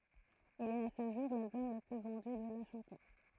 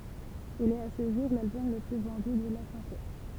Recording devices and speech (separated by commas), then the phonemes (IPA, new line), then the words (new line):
throat microphone, temple vibration pickup, read sentence
il ɛt a sə ʒuʁ lalbɔm lə ply vɑ̃dy də la ʃɑ̃tøz
Il est à ce jour l'album le plus vendu de la chanteuse.